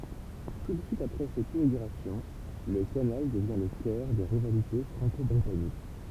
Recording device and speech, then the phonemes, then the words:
temple vibration pickup, read sentence
tu də syit apʁɛ sɛt inoɡyʁasjɔ̃ lə kanal dəvjɛ̃ lə kœʁ de ʁivalite fʁɑ̃kɔbʁitanik
Tout de suite après cette inauguration, le canal devient le cœur des rivalités franco-britanniques.

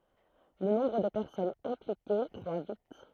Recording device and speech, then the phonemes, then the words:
throat microphone, read sentence
lə nɔ̃bʁ də pɛʁsɔnz ɛ̃plike kʁwa vit
Le nombre de personnes impliquées croît vite.

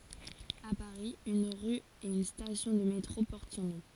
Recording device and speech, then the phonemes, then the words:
forehead accelerometer, read sentence
a paʁi yn ʁy e yn stasjɔ̃ də metʁo pɔʁt sɔ̃ nɔ̃
À Paris, une rue et une station de métro portent son nom.

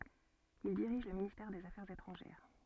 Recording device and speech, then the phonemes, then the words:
soft in-ear microphone, read sentence
il diʁiʒ lə ministɛʁ dez afɛʁz etʁɑ̃ʒɛʁ
Ils dirigent le ministère des Affaires étrangères.

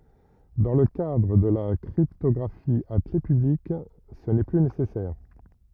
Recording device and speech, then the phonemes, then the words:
rigid in-ear microphone, read sentence
dɑ̃ lə kadʁ də la kʁiptɔɡʁafi a kle pyblik sə nɛ ply nesɛsɛʁ
Dans le cadre de la cryptographie à clef publique, ce n'est plus nécessaire.

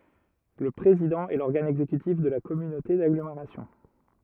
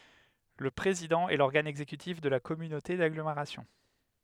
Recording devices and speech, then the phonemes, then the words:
rigid in-ear microphone, headset microphone, read sentence
lə pʁezidɑ̃ ɛ lɔʁɡan ɛɡzekytif də la kɔmynote daɡlomeʁasjɔ̃
Le président est l’organe exécutif de la communauté d'agglomération.

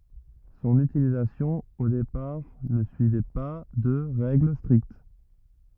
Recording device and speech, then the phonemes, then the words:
rigid in-ear microphone, read sentence
sɔ̃n ytilizasjɔ̃ o depaʁ nə syivɛ pa də ʁɛɡl stʁikt
Son utilisation, au départ, ne suivait pas de règles strictes.

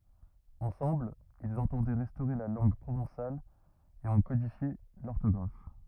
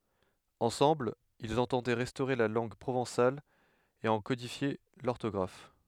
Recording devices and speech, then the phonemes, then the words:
rigid in-ear microphone, headset microphone, read sentence
ɑ̃sɑ̃bl ilz ɑ̃tɑ̃dɛ ʁɛstoʁe la lɑ̃ɡ pʁovɑ̃sal e ɑ̃ kodifje lɔʁtɔɡʁaf
Ensemble, ils entendaient restaurer la langue provençale et en codifier l'orthographe.

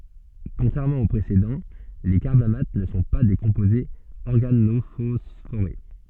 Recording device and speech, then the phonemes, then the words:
soft in-ear microphone, read sentence
kɔ̃tʁɛʁmɑ̃ o pʁesedɑ̃ le kaʁbamat nə sɔ̃ pa de kɔ̃pozez ɔʁɡanofɔsfoʁe
Contrairement aux précédents, les carbamates ne sont pas des composés organophosphorés.

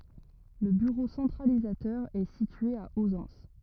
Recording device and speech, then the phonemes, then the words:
rigid in-ear microphone, read sentence
lə byʁo sɑ̃tʁalizatœʁ ɛ sitye a ozɑ̃s
Le bureau centralisateur est situé à Auzances.

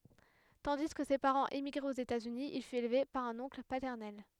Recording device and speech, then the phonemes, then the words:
headset microphone, read sentence
tɑ̃di kə se paʁɑ̃z emiɡʁɛt oz etaz yni il fyt elve paʁ œ̃n ɔ̃kl patɛʁnɛl
Tandis que ses parents émigraient aux États-Unis, il fut élevé par un oncle paternel.

